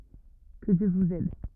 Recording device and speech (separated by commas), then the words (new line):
rigid in-ear microphone, read sentence
Que Dieu vous aide.